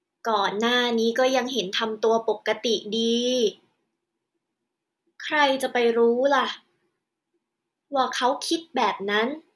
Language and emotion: Thai, frustrated